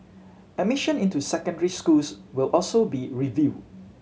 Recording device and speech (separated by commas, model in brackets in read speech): mobile phone (Samsung C7100), read sentence